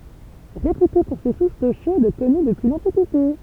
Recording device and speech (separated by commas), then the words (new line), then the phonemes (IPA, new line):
temple vibration pickup, read sentence
Réputée pour ses sources d'eau chaude connues depuis l'Antiquité.
ʁepyte puʁ se suʁs do ʃod kɔny dəpyi lɑ̃tikite